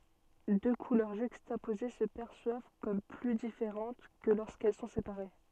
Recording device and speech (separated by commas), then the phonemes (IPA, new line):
soft in-ear microphone, read sentence
dø kulœʁ ʒykstapoze sə pɛʁswav kɔm ply difeʁɑ̃t kə loʁskɛl sɔ̃ sepaʁe